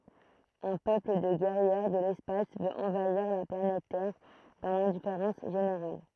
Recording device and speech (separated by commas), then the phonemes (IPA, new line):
throat microphone, read sentence
œ̃ pøpl də ɡɛʁjɛʁ də lɛspas vøt ɑ̃vaiʁ la planɛt tɛʁ dɑ̃ lɛ̃difeʁɑ̃s ʒeneʁal